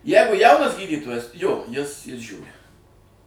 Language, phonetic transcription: Lithuanian, ˈjeigu ˈjaunas ˈgydytojas jo ˈjis ˈjis ˈžiūri

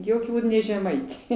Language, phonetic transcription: Lithuanian, ˈjokiu ˈbūd ne žeˈmaitė

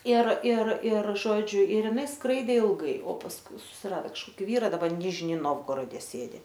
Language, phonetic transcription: Lithuanian, ir ir ir ˈžodžiu ir iˈnai ˈskraidė ilˈgai o pasˈkui susiˈrado kažˈkoki ˈvyra daˈba ˈnižni ˈnovgorode ˈsėdi

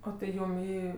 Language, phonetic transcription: Lithuanian, o tai ˈjūm ˈį

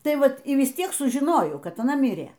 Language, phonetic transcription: Lithuanian, ˈtai ˈvat y vis ˈtiek sužiˈnojau ˈkad aˈna ˈmirie

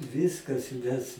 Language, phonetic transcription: Lithuanian, ˈviskas mes

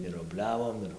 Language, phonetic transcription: Lithuanian, ir obˈliavom ˈir

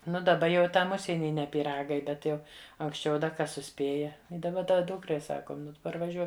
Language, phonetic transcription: Lithuanian, ˈnu daˈba jau i ˈtam ˈužsieny ne pyˈragai ˈbet jau anksˈčiau da ˈkas suˈspėja i daˈba ˈda ˈdūkrai ˈsakom ˈnu tu parvaˈžiuok

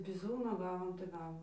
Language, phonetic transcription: Lithuanian, biˈzūno ˈgavom tai ˈgavom

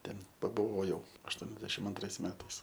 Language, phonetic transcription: Lithuanian, ˈten pabuˈvojau ašˈtuoniasdešim anˈtrais ˈmetais

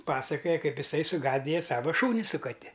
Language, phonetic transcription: Lithuanian, ˈpasakoja ˈkaip iˈsai suˈgadija ˈsava ˈšūni su kaˈti

